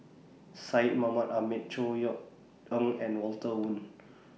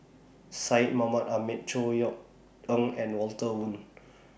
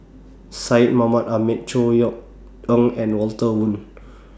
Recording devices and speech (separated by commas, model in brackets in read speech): mobile phone (iPhone 6), boundary microphone (BM630), standing microphone (AKG C214), read sentence